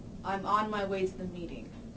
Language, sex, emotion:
English
female
neutral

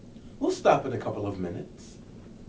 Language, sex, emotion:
English
male
neutral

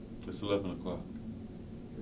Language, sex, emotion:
English
male
neutral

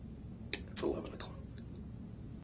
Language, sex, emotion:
English
male
neutral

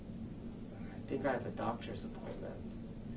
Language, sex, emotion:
English
male
neutral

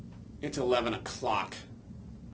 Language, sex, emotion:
English
male
disgusted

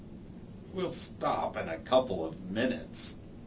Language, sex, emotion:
English
male
disgusted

